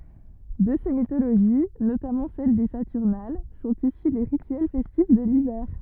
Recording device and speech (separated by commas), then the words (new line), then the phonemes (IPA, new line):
rigid in-ear microphone, read sentence
De ces mythologies, notamment celles des Saturnales, sont issus les rituels festifs de l'hiver.
də se mitoloʒi notamɑ̃ sɛl de satyʁnal sɔ̃t isy le ʁityɛl fɛstif də livɛʁ